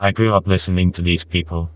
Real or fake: fake